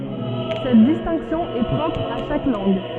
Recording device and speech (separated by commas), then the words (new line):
soft in-ear microphone, read sentence
Cette distinction est propre à chaque langue.